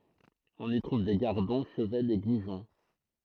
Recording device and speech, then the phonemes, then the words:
throat microphone, read sentence
ɔ̃n i tʁuv de ɡaʁdɔ̃ ʃəvɛnz e ɡuʒɔ̃
On y trouve des gardons, chevaines et goujons.

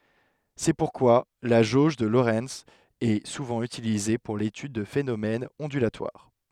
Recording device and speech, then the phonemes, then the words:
headset microphone, read sentence
sɛ puʁkwa la ʒoʒ də loʁɛnz ɛ suvɑ̃ ytilize puʁ letyd də fenomɛnz ɔ̃dylatwaʁ
C'est pourquoi la jauge de Lorenz est souvent utilisée pour l'étude de phénomènes ondulatoires.

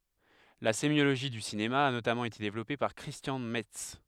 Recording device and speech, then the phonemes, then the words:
headset microphone, read sentence
la semjoloʒi dy sinema a notamɑ̃ ete devlɔpe paʁ kʁistjɑ̃ mɛts
La sémiologie du cinéma a notamment été développée par Christian Metz.

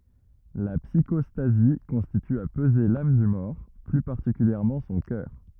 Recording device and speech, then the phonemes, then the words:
rigid in-ear microphone, read sentence
la psikɔstazi kɔ̃sist a pəze lam dy mɔʁ ply paʁtikyljɛʁmɑ̃ sɔ̃ kœʁ
La psychostasie consiste à peser l'âme du mort, plus particulièrement son cœur.

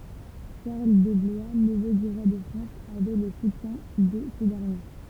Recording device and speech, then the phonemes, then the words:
temple vibration pickup, read sentence
ʃaʁl də blwa nəvø dy ʁwa də fʁɑ̃s avɛ lə sutjɛ̃ də sə dɛʁnje
Charles de Blois, neveu du roi de France, avait le soutien de ce dernier.

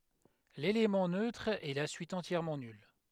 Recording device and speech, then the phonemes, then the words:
headset microphone, read sentence
lelemɑ̃ nøtʁ ɛ la syit ɑ̃tjɛʁmɑ̃ nyl
L'élément neutre est la suite entièrement nulle.

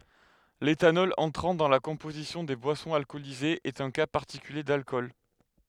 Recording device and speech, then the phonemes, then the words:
headset microphone, read sentence
letanɔl ɑ̃tʁɑ̃ dɑ̃ la kɔ̃pozisjɔ̃ de bwasɔ̃z alkɔlizez ɛt œ̃ ka paʁtikylje dalkɔl
L'éthanol entrant dans la composition des boissons alcoolisées est un cas particulier d'alcool.

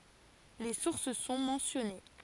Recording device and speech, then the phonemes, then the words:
forehead accelerometer, read sentence
le suʁs sɔ̃ mɑ̃sjɔne
Les sources sont mentionnées.

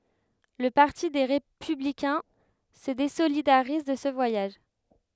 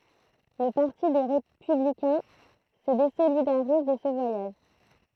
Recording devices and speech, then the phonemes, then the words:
headset microphone, throat microphone, read sentence
lə paʁti de ʁepyblikɛ̃ sə dezolidaʁiz də sə vwajaʒ
Le parti des Républicains se désolidarise de ce voyage.

